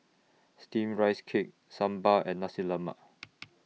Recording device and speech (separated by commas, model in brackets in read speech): mobile phone (iPhone 6), read sentence